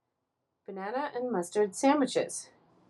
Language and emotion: English, surprised